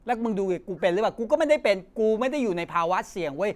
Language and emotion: Thai, angry